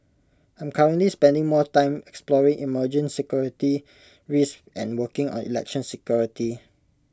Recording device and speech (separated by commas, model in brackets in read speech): close-talking microphone (WH20), read sentence